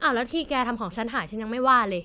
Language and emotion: Thai, frustrated